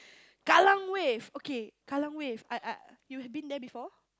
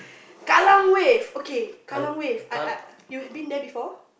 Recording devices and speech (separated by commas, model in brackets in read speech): close-talking microphone, boundary microphone, conversation in the same room